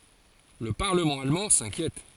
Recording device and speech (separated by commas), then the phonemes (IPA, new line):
forehead accelerometer, read sentence
lə paʁləmɑ̃ almɑ̃ sɛ̃kjɛt